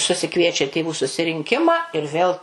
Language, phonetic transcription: Lithuanian, susiˈkviečia tėˈvų susirinˈkimą ir ˈvėl

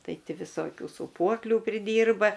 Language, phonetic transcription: Lithuanian, ˈtai ˈti viˈsokių sūˈpuoklių priˈdyrba

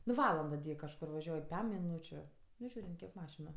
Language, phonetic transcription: Lithuanian, nu ˈvalando ti ˈjie kažˈkur vaˈžiuoj ˈpem miˈnūčiu ˈnu ˈžiūrint ˈkiek ˈmašinu

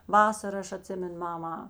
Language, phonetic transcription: Lithuanian, ˈvasar ˈaš aˈtsimenu ˈmama

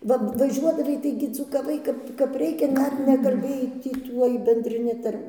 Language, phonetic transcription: Lithuanian, ˈva vaˈžiuodavai ˈtaigi dzūkaˈvai ˈkap kap ˈreikia ˈdar nekalˈbėjai ˈtį ˈtuoj bendriˈni ˈtar'

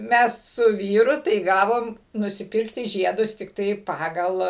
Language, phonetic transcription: Lithuanian, ˈmes su ˈvyru tai ˈgavom nusiˈpirkti ˈžiedus tikˈtai ˈpagal

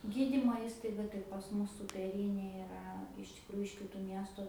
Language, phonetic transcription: Lithuanian, ˈgydymo ˈįstaiga tai pas ˈmus sūpeˈrynė iˈra iš tikˈrųju iš kiˈtų ˈmiestu

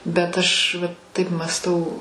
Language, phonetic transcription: Lithuanian, bet ˈaš va ˈtaip mąsˈtau

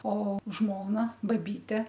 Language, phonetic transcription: Lithuanian, o ˈžmona ˈbaˈbyte

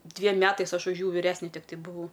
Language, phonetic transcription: Lithuanian, ˈdviem ˈmetais ˈaš už ˈjų viˈresne ˈtiktai buˈvau

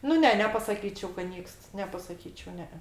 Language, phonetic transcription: Lithuanian, nu ˈne nepasaˈkyčiau kad ˈnykst nepasaˈkyčiau ˈne e

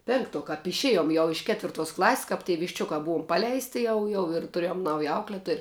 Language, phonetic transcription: Lithuanian, ˈpinkˌtuo kap išˈėjom jau iš ˈketvirˌtuos ˈklaˌs's' kap tie višˈčiuka ˈbuom ˈpaleisti ˈjau jau ir tuˈrėjom ˈnauja ˈaukletoj

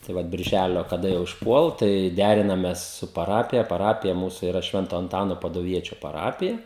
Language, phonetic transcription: Lithuanian, tai ˈvat birˈžælio kaˈda jau išˈpuol tai ˈdærinames su paˈrapija paˈrapija ˈmūsu iˈra ˈšvento anˈtano paduˈviečio paˈrapija

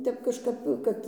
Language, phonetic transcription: Lithuanian, ˈtep kažˈkap ˈkad

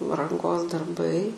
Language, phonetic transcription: Lithuanian, ranˈgos darˈbai

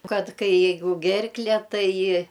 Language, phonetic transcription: Lithuanian, ˈkad ˈkai ˈjeigu ˈgerkle ˈtai

